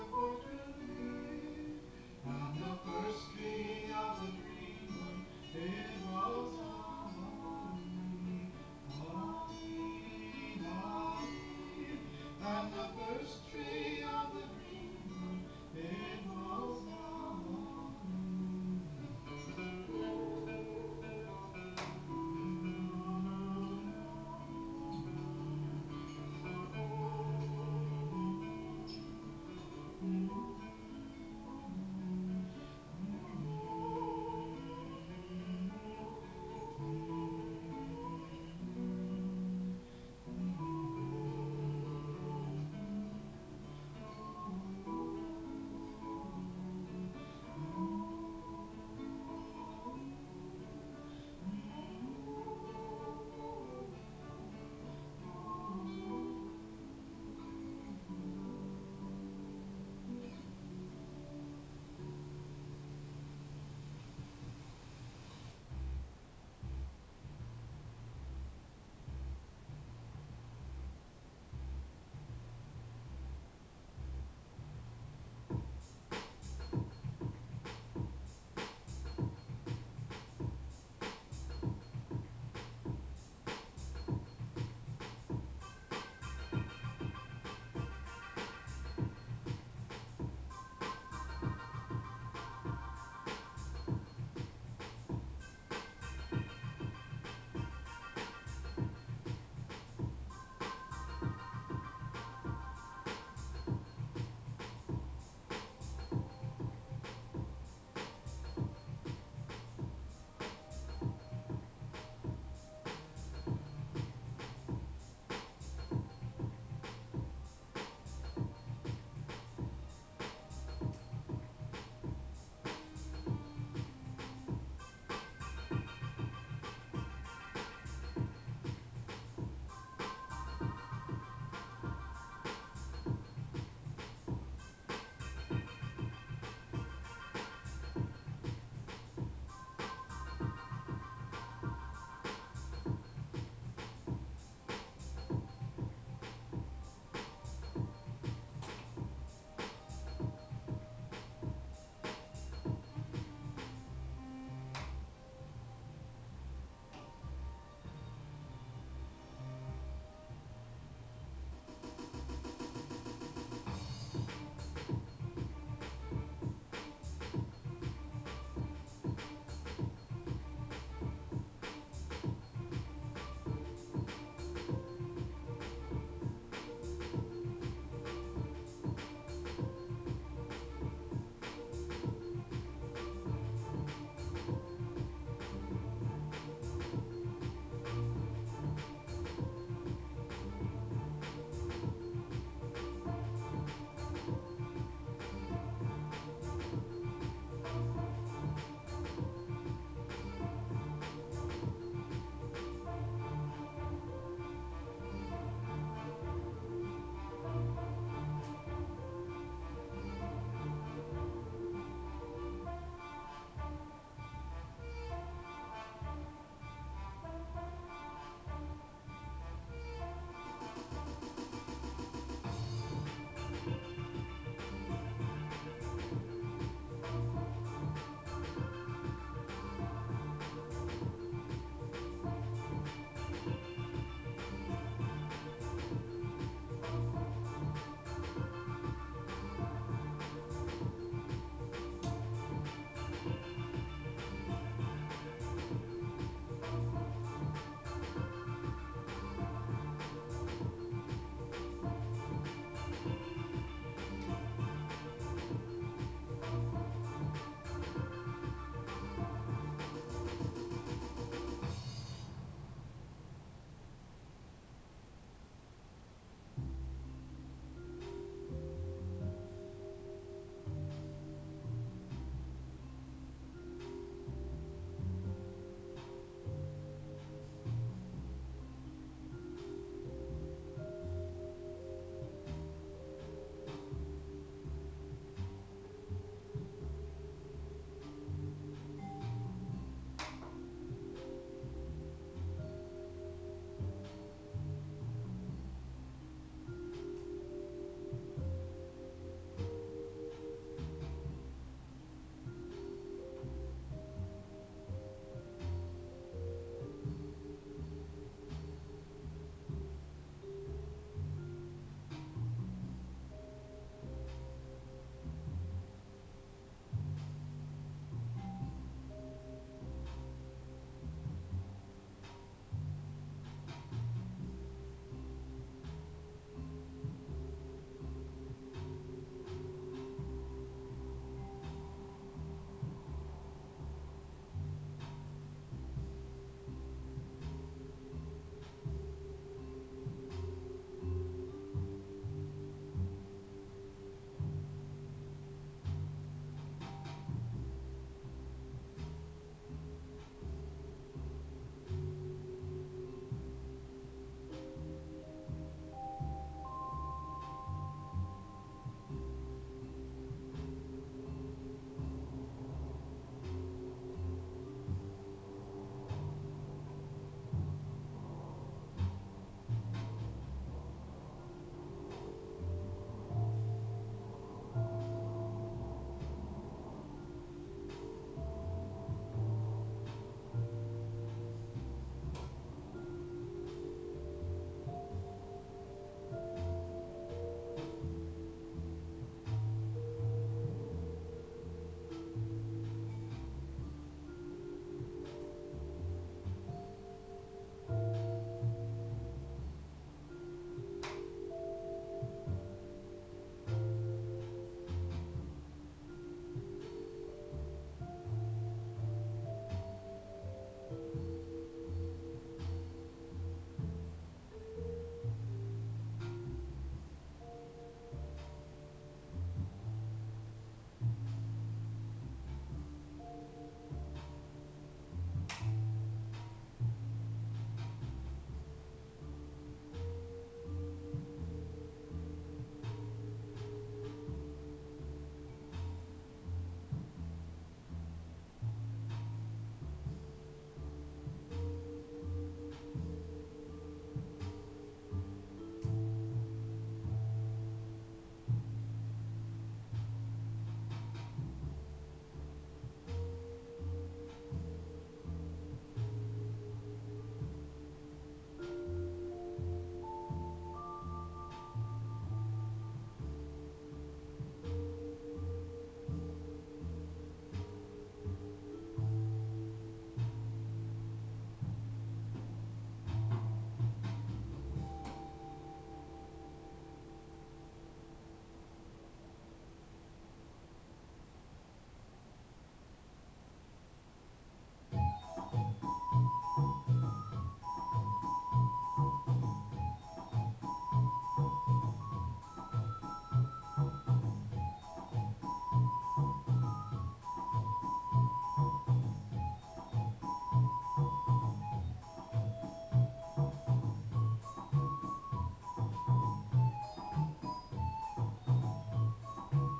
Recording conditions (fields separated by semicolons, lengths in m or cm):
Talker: no one; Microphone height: 2.7 m; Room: small (3.7 m by 2.7 m); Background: music